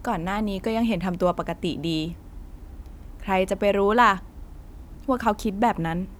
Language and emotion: Thai, neutral